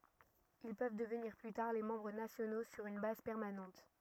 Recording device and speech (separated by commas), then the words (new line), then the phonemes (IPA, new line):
rigid in-ear microphone, read sentence
Ils peuvent devenir plus tard les membres nationaux sur une base permanente.
il pøv dəvniʁ ply taʁ le mɑ̃bʁ nasjono syʁ yn baz pɛʁmanɑ̃t